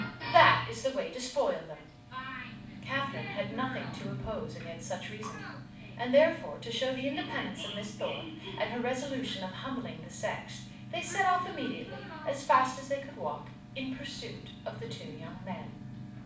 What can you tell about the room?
A moderately sized room (about 5.7 m by 4.0 m).